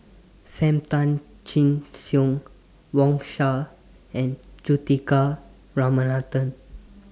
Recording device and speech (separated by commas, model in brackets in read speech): standing microphone (AKG C214), read sentence